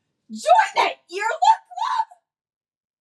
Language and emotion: English, surprised